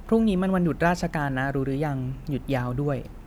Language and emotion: Thai, neutral